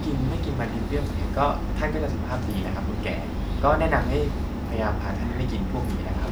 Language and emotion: Thai, neutral